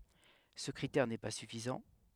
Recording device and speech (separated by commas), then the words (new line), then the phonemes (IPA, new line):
headset microphone, read sentence
Ce critère n'est pas suffisant.
sə kʁitɛʁ nɛ pa syfizɑ̃